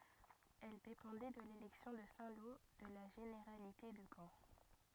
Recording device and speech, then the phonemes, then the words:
rigid in-ear microphone, read sentence
ɛl depɑ̃dɛ də lelɛksjɔ̃ də sɛ̃ lo də la ʒeneʁalite də kɑ̃
Elle dépendait de l'élection de Saint-Lô, de la généralité de Caen.

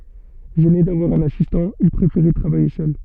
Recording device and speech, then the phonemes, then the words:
soft in-ear microphone, read sentence
ʒɛne davwaʁ œ̃n asistɑ̃ il pʁefeʁɛ tʁavaje sœl
Gêné d'avoir un assistant, il préférait travailler seul.

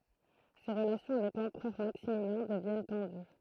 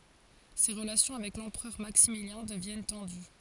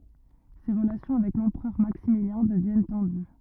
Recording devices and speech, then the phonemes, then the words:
throat microphone, forehead accelerometer, rigid in-ear microphone, read sentence
se ʁəlasjɔ̃ avɛk lɑ̃pʁœʁ maksimiljɛ̃ dəvjɛn tɑ̃dy
Ses relations avec l'empereur Maximilien deviennent tendues.

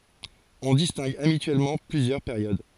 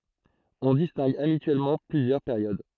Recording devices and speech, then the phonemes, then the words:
forehead accelerometer, throat microphone, read sentence
ɔ̃ distɛ̃ɡ abityɛlmɑ̃ plyzjœʁ peʁjod
On distingue habituellement plusieurs périodes.

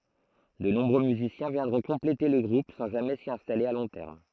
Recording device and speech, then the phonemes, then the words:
throat microphone, read sentence
də nɔ̃bʁø myzisjɛ̃ vjɛ̃dʁɔ̃ kɔ̃plete lə ɡʁup sɑ̃ ʒamɛ si ɛ̃stale a lɔ̃ tɛʁm
De nombreux musiciens viendront compléter le groupe sans jamais s'y installer à long terme.

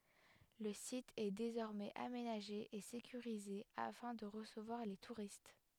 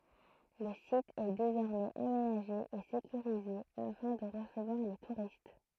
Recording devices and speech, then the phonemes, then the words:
headset microphone, throat microphone, read sentence
lə sit ɛ dezɔʁmɛz amenaʒe e sekyʁize afɛ̃ də ʁəsəvwaʁ le tuʁist
Le site est désormais aménagé et sécurisé afin de recevoir les touristes.

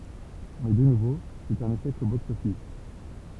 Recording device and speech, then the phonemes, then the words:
temple vibration pickup, read sentence
mɛ də nuvo sɛt œ̃n eʃɛk o bɔks ɔfis
Mais de nouveau, c'est un échec au box-office.

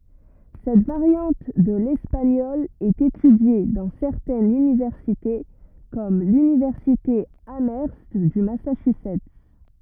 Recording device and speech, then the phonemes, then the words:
rigid in-ear microphone, read sentence
sɛt vaʁjɑ̃t də lɛspaɲɔl ɛt etydje dɑ̃ sɛʁtɛnz ynivɛʁsite kɔm lynivɛʁsite amœʁst dy masaʃyzɛt
Cette variante de l'espagnol est étudiée dans certaines universités comme l'Université Amherst du Massachusetts.

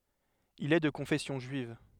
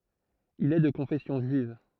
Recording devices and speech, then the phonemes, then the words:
headset microphone, throat microphone, read sentence
il ɛ də kɔ̃fɛsjɔ̃ ʒyiv
Il est de confession juive.

